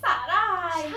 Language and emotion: Thai, happy